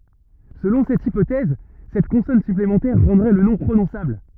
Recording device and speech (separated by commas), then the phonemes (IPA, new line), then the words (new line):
rigid in-ear microphone, read sentence
səlɔ̃ sɛt ipotɛz sɛt kɔ̃sɔn syplemɑ̃tɛʁ ʁɑ̃dʁɛ lə nɔ̃ pʁonɔ̃sabl
Selon cette hypothèse, cette consonne supplémentaire rendrait le nom prononçable.